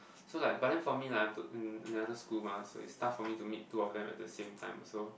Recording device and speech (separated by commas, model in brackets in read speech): boundary microphone, conversation in the same room